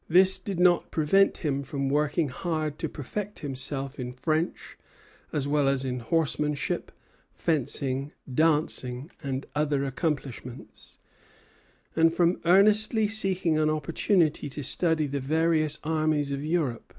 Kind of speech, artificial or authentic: authentic